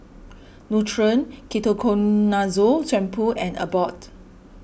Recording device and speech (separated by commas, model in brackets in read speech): boundary microphone (BM630), read sentence